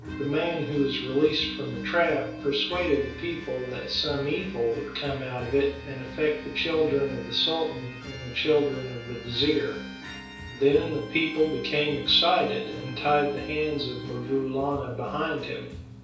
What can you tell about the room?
A small room (about 3.7 m by 2.7 m).